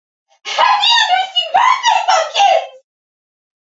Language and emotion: English, happy